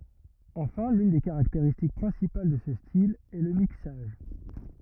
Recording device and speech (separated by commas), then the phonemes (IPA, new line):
rigid in-ear microphone, read sentence
ɑ̃fɛ̃ lyn de kaʁakteʁistik pʁɛ̃sipal də sə stil ɛ lə miksaʒ